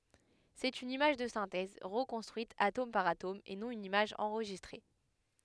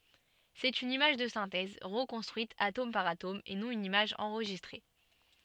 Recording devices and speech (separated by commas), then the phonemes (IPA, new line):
headset microphone, soft in-ear microphone, read sentence
sɛt yn imaʒ də sɛ̃tɛz ʁəkɔ̃stʁyit atom paʁ atom e nɔ̃ yn imaʒ ɑ̃ʁʒistʁe